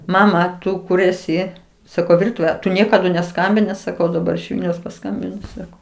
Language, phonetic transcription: Lithuanian, ˈmama ˈtu ˈkur ˈesi saˈkau ˈvirtuvė tu ˈniekadu neˈskambini saˈkau daˈbar iš ˈvilniaus paˈskambino ˈsako

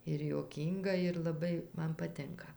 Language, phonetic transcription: Lithuanian, ir juoˈkynga ir laˈbai ˈman paˈtinka

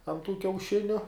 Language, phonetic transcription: Lithuanian, an tų kiauˈšiniu

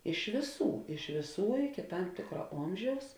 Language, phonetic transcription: Lithuanian, iš vėˈsų iš vėˈsų iki ˈtam ˈtėkra ˈomžiaus

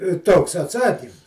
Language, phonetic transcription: Lithuanian, i ˈtoks atˈsakym

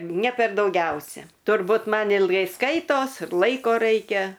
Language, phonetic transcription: Lithuanian, ne per dauˈgiausia turˈbūt ˈman ilˈgai ˈskaitos ir ˈlaiko ˈraikia

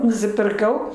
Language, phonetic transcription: Lithuanian, nusipirˈkau

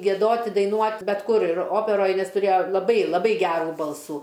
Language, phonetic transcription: Lithuanian, gieˈdot' i daiˈnuot' bet ˈkur ir ˈoperoj ˈnes tuˈrėjo laˈbai laˈbai ˈgerų ˈbalsų

